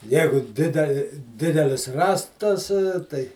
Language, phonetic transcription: Lithuanian, ˈjegu ˈdideli ˈdidelis ˈrąstas tai

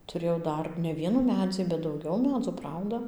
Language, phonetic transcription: Lithuanian, tuˈrėjau ˈdar ne ˈvienų ˈmedzį bet dauˈgiau ˈmedzų ˈprauda

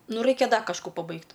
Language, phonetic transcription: Lithuanian, ˈnu ˈraikia ˈda kažˈkų paˈbaigt

